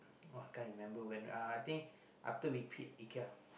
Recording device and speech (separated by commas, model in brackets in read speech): boundary microphone, conversation in the same room